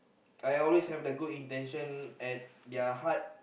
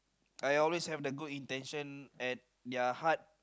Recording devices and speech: boundary microphone, close-talking microphone, conversation in the same room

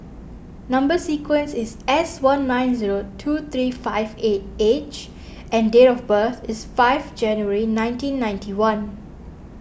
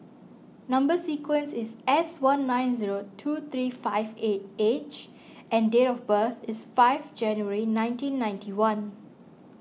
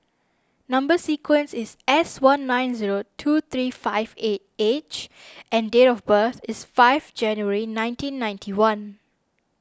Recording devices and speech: boundary microphone (BM630), mobile phone (iPhone 6), standing microphone (AKG C214), read sentence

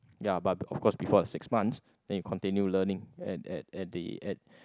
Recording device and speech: close-talking microphone, conversation in the same room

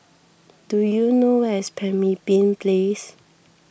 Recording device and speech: boundary microphone (BM630), read sentence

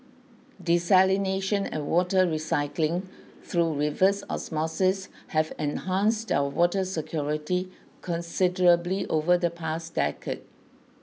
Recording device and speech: mobile phone (iPhone 6), read sentence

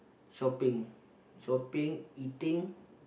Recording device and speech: boundary microphone, conversation in the same room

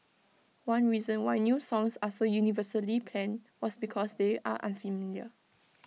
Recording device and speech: mobile phone (iPhone 6), read sentence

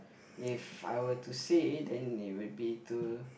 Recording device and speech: boundary microphone, conversation in the same room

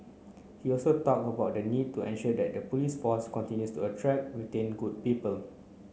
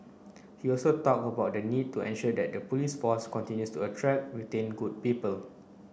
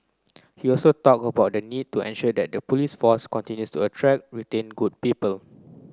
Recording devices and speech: mobile phone (Samsung C9), boundary microphone (BM630), close-talking microphone (WH30), read sentence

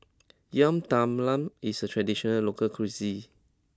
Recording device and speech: close-talking microphone (WH20), read sentence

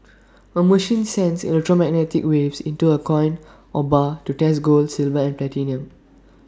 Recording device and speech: standing microphone (AKG C214), read sentence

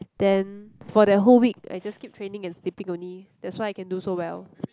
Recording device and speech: close-talking microphone, conversation in the same room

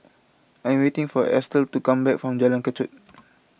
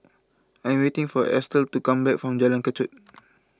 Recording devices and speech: boundary microphone (BM630), close-talking microphone (WH20), read sentence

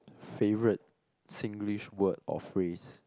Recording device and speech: close-talking microphone, conversation in the same room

